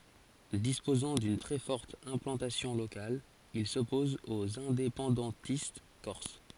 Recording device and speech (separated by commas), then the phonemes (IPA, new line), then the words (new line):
forehead accelerometer, read sentence
dispozɑ̃ dyn tʁɛ fɔʁt ɛ̃plɑ̃tasjɔ̃ lokal il sɔpɔz oz ɛ̃depɑ̃dɑ̃tist kɔʁs
Disposant d’une très forte implantation locale, il s’oppose aux indépendantistes corses.